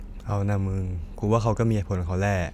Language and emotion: Thai, neutral